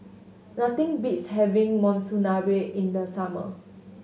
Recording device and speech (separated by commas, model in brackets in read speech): mobile phone (Samsung S8), read sentence